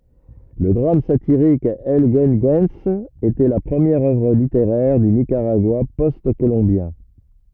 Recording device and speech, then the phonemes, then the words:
rigid in-ear microphone, read sentence
lə dʁam satiʁik ɛl ɡyəɡyɑ̃s etɛ la pʁəmjɛʁ œvʁ liteʁɛʁ dy nikaʁaɡwa pɔst kolɔ̃bjɛ̃
Le drame satirique El Güegüense était la première œuvre littéraire du Nicaragua post-colombien.

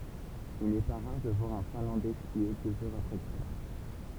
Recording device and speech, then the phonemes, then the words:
temple vibration pickup, read sentence
il nɛ pa ʁaʁ də vwaʁ œ̃ fɛ̃lɑ̃dɛ skje døz œʁz apʁɛ lə tʁavaj
Il n'est pas rare de voir un Finlandais skier deux heures après le travail.

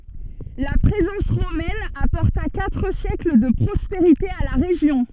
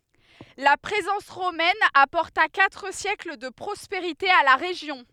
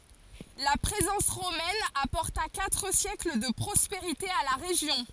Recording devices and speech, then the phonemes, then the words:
soft in-ear microphone, headset microphone, forehead accelerometer, read sentence
la pʁezɑ̃s ʁomɛn apɔʁta katʁ sjɛkl də pʁɔspeʁite a la ʁeʒjɔ̃
La présence romaine apporta quatre siècles de prospérité à la région.

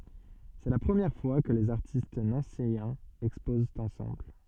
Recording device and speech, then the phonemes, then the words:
soft in-ear microphone, read sentence
sɛ la pʁəmjɛʁ fwa kə lez aʁtist nɑ̃sejɛ̃z ɛkspozt ɑ̃sɑ̃bl
C'est la première fois que les artistes nancéiens exposent ensemble.

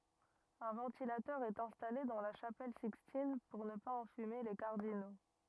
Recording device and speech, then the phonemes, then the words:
rigid in-ear microphone, read sentence
œ̃ vɑ̃tilatœʁ ɛt ɛ̃stale dɑ̃ la ʃapɛl sikstin puʁ nə paz ɑ̃fyme le kaʁdino
Un ventilateur est installé dans la chapelle Sixtine pour ne pas enfumer les cardinaux.

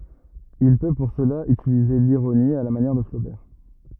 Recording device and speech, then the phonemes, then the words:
rigid in-ear microphone, read sentence
il pø puʁ səla ytilize liʁoni a la manjɛʁ də flobɛʁ
Il peut pour cela utiliser l'ironie, à la manière de Flaubert.

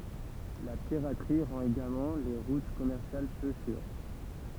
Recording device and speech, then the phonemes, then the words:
temple vibration pickup, read sentence
la piʁatʁi ʁɑ̃t eɡalmɑ̃ le ʁut kɔmɛʁsjal pø syʁ
La piraterie rend également les routes commerciales peu sûres.

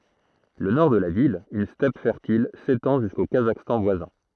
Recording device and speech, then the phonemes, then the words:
throat microphone, read sentence
lə nɔʁ də la vil yn stɛp fɛʁtil setɑ̃ ʒysko kazakstɑ̃ vwazɛ̃
Le Nord de la ville, une steppe fertile, s'étend jusqu'au Kazakhstan voisin.

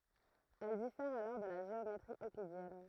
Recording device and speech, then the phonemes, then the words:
throat microphone, read sentence
ɛl difɛʁt alɔʁ də la ʒeometʁi øklidjɛn
Elles diffèrent alors de la géométrie euclidienne.

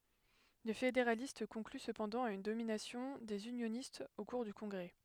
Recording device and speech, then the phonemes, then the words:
headset microphone, read sentence
le fedeʁalist kɔ̃kly səpɑ̃dɑ̃ a yn dominasjɔ̃ dez ynjonistz o kuʁ dy kɔ̃ɡʁɛ
Les fédéralistes concluent cependant à une domination des unionistes au cours du Congrès.

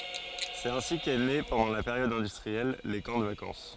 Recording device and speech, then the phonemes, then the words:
forehead accelerometer, read sentence
sɛt ɛ̃si kɛ ne pɑ̃dɑ̃ la peʁjɔd ɛ̃dystʁiɛl le kɑ̃ də vakɑ̃s
C'est ainsi qu'est né pendant la période industrielle, les camps de vacances.

